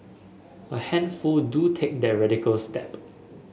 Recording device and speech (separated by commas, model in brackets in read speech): mobile phone (Samsung S8), read sentence